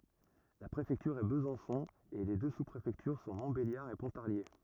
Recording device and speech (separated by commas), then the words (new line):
rigid in-ear microphone, read sentence
La préfecture est Besançon et les deux sous-préfectures sont Montbéliard et Pontarlier.